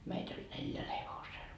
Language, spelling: Finnish, meitä oli neljällä hevosella
- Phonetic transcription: meit ‿oĺ 'neljäl 'hevosel .

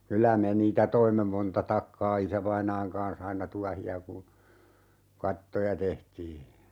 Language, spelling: Finnish, kyllä me niitä toimme monta takkaa isävainaan kanssa aina tuohia kun kattoja tehtiin
- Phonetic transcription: 'kylä "me niitä 'toimme 'monta 'takkaa 'isävainaaŋ kaan̬s aina "tuahi₍a kun̬ , "kattoja 'tehtii .

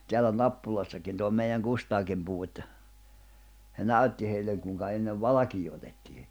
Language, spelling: Finnish, täällä Nappulassakin tuo meidän Kustaakin puhui että se näytti heille kuinka ennen valkeaa otettiin
- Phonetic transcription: 'teäl̆lä "Nappulassakin tuo meiʲäŋ 'Kustaakim puʰu että , se "näytti heilleŋ 'kùⁱŋka ennev "valakii otettii .

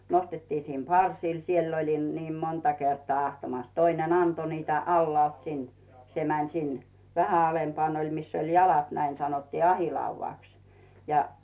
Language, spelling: Finnish, nostettiin sinne parsiin siellä - niin monta kertaa ahtamassa toinen antoi niitä alhaalta sinne se meni sinne vähän alempana oli missä oli jalat näin sanottiin ahdinlaudaksi ja
- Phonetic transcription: 'nostettii sim "parsii , 'siel oĺim- , niim 'monta kertᵒà 'ahtamas , 'toinen "anto niitä 'allᵒàlt 'sin , se mäǹ sin , vähä 'alempᵒàn oĺ 'miss ‿oĺ "jalat näin 'sanottii "ahìlauvàks , ja .

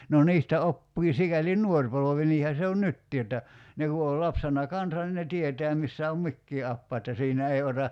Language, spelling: Finnish, no niistä oppii sikäli nuori polvi niinhän se on nytkin että ne kun oli lapsena kanssa niin ne tietää missä on mikin apaja että siinä ei ota
- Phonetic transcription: no 'niistä 'oppii 'sikäli "ǹuor polovi 'niihä se on "nyttii että , 'ne ku ol 'lapsena "kansan nin ne 'tietɛä 'missä om "mikkii 'appaa että 'siinä 'ei ota ,.

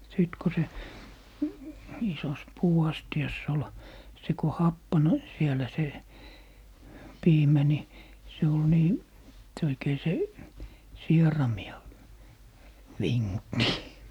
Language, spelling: Finnish, sitten kun se isossa puuastiassa oli se kun happani siellä se piimä niin se oli niin se oikein se sieraimia vingutti
- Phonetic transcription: 'sìt ko se , 'isos "puu₍'asti₍ass ‿ol , se ko 'happan , 'sielä se , "piimä ni , se ol 'nii , se oikei 'se , "sierami₍a , "viŋŋutti .

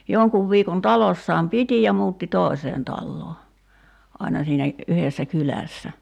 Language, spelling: Finnish, jonkun viikon talossaan piti ja muutti toiseen taloon aina siinä yhdessä kylässä
- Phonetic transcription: 'joŋkuv 'viikon 'talossaam "piti ja 'muutti "tòi̬seen 'talloo , aina siinä , 'yhessä "kylä̀ssä .

